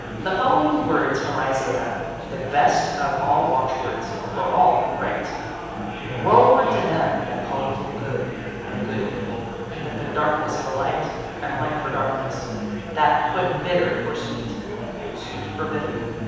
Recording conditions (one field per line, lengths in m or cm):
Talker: one person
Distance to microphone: 7.1 m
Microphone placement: far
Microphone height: 1.7 m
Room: very reverberant, large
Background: babble